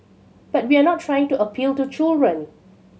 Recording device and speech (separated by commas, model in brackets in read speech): mobile phone (Samsung C7100), read sentence